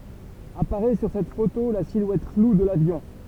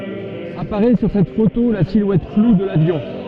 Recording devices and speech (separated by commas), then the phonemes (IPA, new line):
temple vibration pickup, soft in-ear microphone, read sentence
apaʁɛ syʁ sɛt foto la silwɛt flu də lavjɔ̃